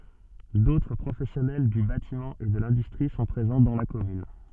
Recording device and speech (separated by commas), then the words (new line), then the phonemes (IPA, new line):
soft in-ear microphone, read sentence
D'autres professionnels du bâtiment et de l'industrie sont présents dans la commune.
dotʁ pʁofɛsjɔnɛl dy batimɑ̃ e də lɛ̃dystʁi sɔ̃ pʁezɑ̃ dɑ̃ la kɔmyn